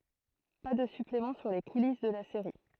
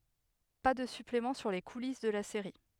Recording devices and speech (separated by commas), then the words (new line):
throat microphone, headset microphone, read sentence
Pas de suppléments sur les coulisses de la série.